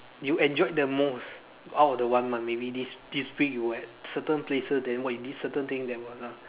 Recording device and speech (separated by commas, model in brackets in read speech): telephone, conversation in separate rooms